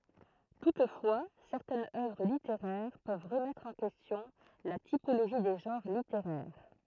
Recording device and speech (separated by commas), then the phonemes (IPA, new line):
throat microphone, read sentence
tutfwa sɛʁtɛnz œvʁ liteʁɛʁ pøv ʁəmɛtʁ ɑ̃ kɛstjɔ̃ la tipoloʒi de ʒɑ̃ʁ liteʁɛʁ